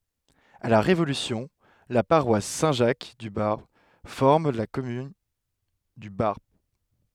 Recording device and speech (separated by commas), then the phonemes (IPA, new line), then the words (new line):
headset microphone, read sentence
a la ʁevolysjɔ̃ la paʁwas sɛ̃ ʒak dy baʁp fɔʁm la kɔmyn dy baʁp
À la Révolution, la paroisse Saint-Jacques du Barp forme la commune du Barp.